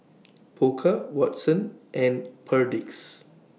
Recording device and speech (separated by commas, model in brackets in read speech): mobile phone (iPhone 6), read sentence